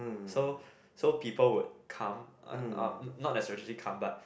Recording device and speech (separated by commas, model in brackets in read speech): boundary microphone, conversation in the same room